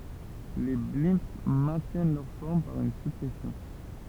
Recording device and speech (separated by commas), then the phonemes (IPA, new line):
temple vibration pickup, read sentence
le blɛ̃ mɛ̃tjɛn lœʁ fɔʁm paʁ yn syʁpʁɛsjɔ̃